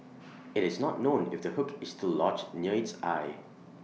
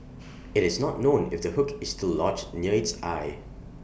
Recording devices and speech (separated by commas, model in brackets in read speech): mobile phone (iPhone 6), boundary microphone (BM630), read sentence